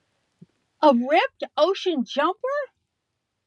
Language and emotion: English, surprised